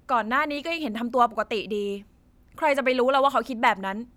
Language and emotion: Thai, frustrated